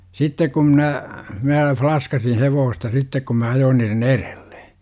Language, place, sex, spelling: Finnish, Jurva, male, sitten kun minä minä flaskasin hevosta sitten kun minä ajoin niiden edelle
- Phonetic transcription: 'sittek kum mnä , mää 'flaskasin "hevoosta 'sittek kum mä 'ajoon niiren "ereLLE .

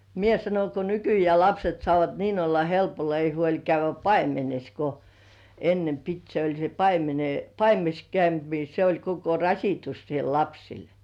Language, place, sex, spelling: Finnish, Kurkijoki, female, minä sanon kun nykyään lapset saavat niin olla helpolla ei huoli käydä paimenessa kun ennen piti se oli se - paimenessa käynti niin se oli koko rasitus siellä lapsille
- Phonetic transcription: mie 'sanoŋ ko "nykyjeä̀ lapset sŏàvat niin ‿olla 'helpolla ei huoĺ käyv̆vä "paimenes ko , ennem "pit se oĺ se 'paimene- "paimenes 'käynt ni se oĺ koko "rasitus siel 'lapsil .

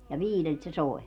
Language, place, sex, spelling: Finnish, Padasjoki, female, ja viideltä se soi
- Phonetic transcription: ja "viilelt se "soi̮ .

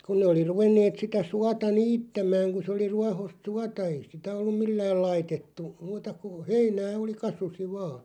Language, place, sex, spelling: Finnish, Loppi, male, kun ne oli ruvenneet sitä suota niittämään kun se oli ruohoista suota ei sitä ollut millään laitettu muuta kuin heinää oli kasvoi vain
- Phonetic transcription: 'kun ne oli 'ruvenneet sitä 'suata "niittämaaŋ ku se oli 'ruahost "suata 'ei 'sitä ollum "millääl 'laitettu , 'muuta ku , "heinää 'oli "kasusi 'vaa .

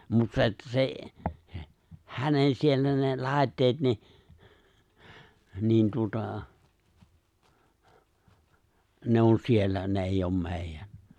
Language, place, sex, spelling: Finnish, Lapinlahti, male, mutta se että se hänen siellä ne laitteet niin niin tuota ne on siellä ne ei ole meidän
- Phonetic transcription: mut 'se että 'sè , 'hänen siellä ne 'lài̬tteet ni , 'niin tuota , ne on 'siellä 'ne eijj ‿om 'mè̬ijän̬ .

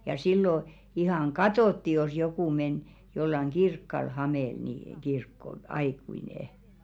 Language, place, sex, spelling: Finnish, Velkua, female, ja silloin ihan katsottiin jos joku meni jollakin kirkolla hameella niin kirkkoon aikuinen
- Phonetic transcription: ja 'sillo , ihaŋ "ɢatòtti jos 'jokù men jollaŋ "ɢirkkol 'hamèl ni , 'kirkko(l) , "aikui̳§nè .

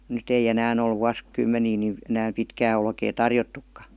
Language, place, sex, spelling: Finnish, Vihti, female, nyt ei enää ole - vuosikymmeniin niin enää pitkää olkea tarjottukaan
- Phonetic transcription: 'nyt ‿ei 'enään ‿ol 'vuas- , '-kymmenii ni , enääm 'pitkää olkee "tarjottukka .

